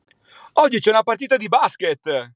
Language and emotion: Italian, happy